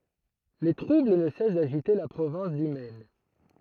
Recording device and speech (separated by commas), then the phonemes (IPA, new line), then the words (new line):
throat microphone, read sentence
le tʁubl nə sɛs daʒite la pʁovɛ̃s dy mɛn
Les troubles ne cessent d'agiter la province du Maine.